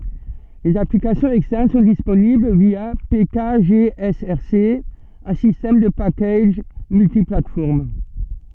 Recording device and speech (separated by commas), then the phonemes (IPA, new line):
soft in-ear microphone, read sentence
lez aplikasjɔ̃z ɛkstɛʁn sɔ̃ disponibl vja pekaʒeɛsɛʁse œ̃ sistɛm də pakaʒ myltiplatfɔʁm